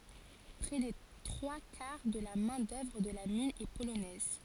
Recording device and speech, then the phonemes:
forehead accelerometer, read sentence
pʁɛ de tʁwa kaʁ də la mɛ̃ dœvʁ də la min ɛ polonɛz

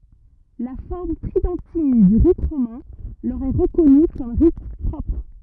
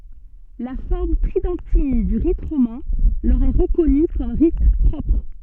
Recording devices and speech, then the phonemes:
rigid in-ear microphone, soft in-ear microphone, read sentence
la fɔʁm tʁidɑ̃tin dy ʁit ʁomɛ̃ lœʁ ɛ ʁəkɔny kɔm ʁit pʁɔpʁ

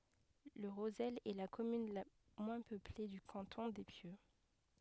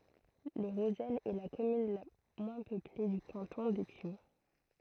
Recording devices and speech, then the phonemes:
headset microphone, throat microphone, read sentence
lə ʁozɛl ɛ la kɔmyn la mwɛ̃ pøple dy kɑ̃tɔ̃ de pjø

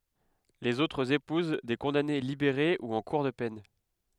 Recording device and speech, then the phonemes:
headset microphone, read sentence
lez otʁz epuz de kɔ̃dane libeʁe u ɑ̃ kuʁ də pɛn

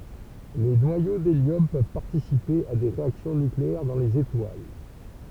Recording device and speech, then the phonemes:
temple vibration pickup, read sentence
le nwajo deljɔm pøv paʁtisipe a de ʁeaksjɔ̃ nykleɛʁ dɑ̃ lez etwal

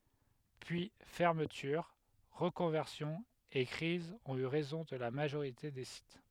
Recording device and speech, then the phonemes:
headset microphone, read sentence
pyi fɛʁmətyʁ ʁəkɔ̃vɛʁsjɔ̃z e kʁizz ɔ̃t y ʁɛzɔ̃ də la maʒoʁite de sit

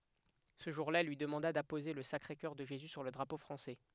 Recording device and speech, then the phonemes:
headset microphone, read sentence
sə ʒuʁ la ɛl lyi dəmɑ̃da dapoze lə sakʁe kœʁ də ʒezy syʁ lə dʁapo fʁɑ̃sɛ

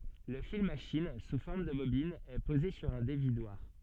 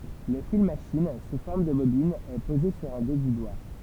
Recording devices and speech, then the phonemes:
soft in-ear microphone, temple vibration pickup, read sentence
lə fil maʃin su fɔʁm də bobin ɛ poze syʁ œ̃ devidwaʁ

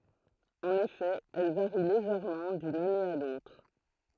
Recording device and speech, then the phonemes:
throat microphone, read sentence
ɑ̃n efɛ ɛl vaʁi leʒɛʁmɑ̃ dyn ane a lotʁ

